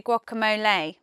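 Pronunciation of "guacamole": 'Guacamole' is said with the American pronunciation, not the British one.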